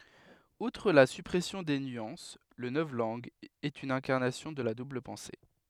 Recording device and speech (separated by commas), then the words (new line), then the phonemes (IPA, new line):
headset microphone, read sentence
Outre la suppression des nuances, le novlangue est une incarnation de la double-pensée.
utʁ la sypʁɛsjɔ̃ de nyɑ̃s lə nɔvlɑ̃ɡ ɛt yn ɛ̃kaʁnasjɔ̃ də la dubl pɑ̃se